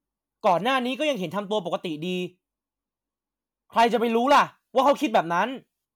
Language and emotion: Thai, angry